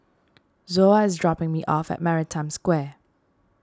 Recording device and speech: standing microphone (AKG C214), read sentence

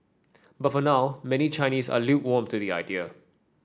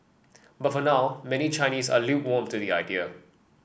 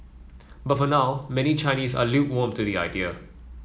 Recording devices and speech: standing microphone (AKG C214), boundary microphone (BM630), mobile phone (iPhone 7), read sentence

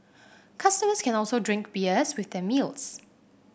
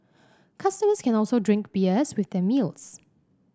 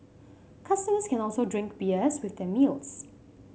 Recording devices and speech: boundary microphone (BM630), standing microphone (AKG C214), mobile phone (Samsung C5), read sentence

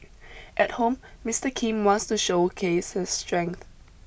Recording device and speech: boundary microphone (BM630), read sentence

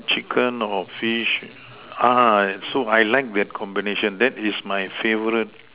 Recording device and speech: telephone, conversation in separate rooms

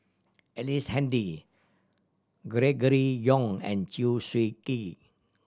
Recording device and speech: standing microphone (AKG C214), read sentence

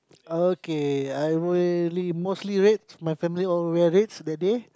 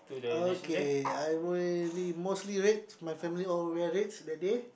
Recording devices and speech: close-talking microphone, boundary microphone, conversation in the same room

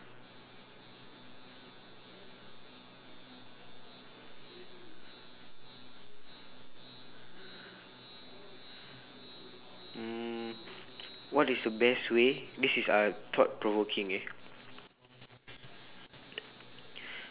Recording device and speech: telephone, conversation in separate rooms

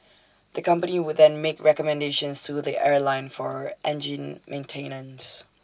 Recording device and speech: standing microphone (AKG C214), read sentence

